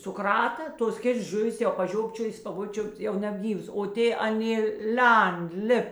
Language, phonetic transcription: Lithuanian, suˈk rata ˈtos ˈkėts ˈžuvis jau paˈžiopčiojis a ˈvo ˈčiupt ˈjau nebˈgyvas o ˈtė aˈnė ˈlend ˈlip

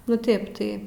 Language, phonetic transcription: Lithuanian, nu ˈtėp tai

